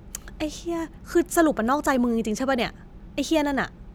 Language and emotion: Thai, frustrated